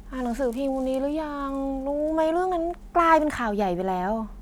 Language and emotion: Thai, frustrated